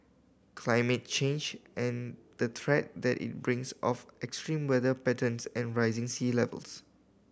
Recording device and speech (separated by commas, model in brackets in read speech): boundary microphone (BM630), read sentence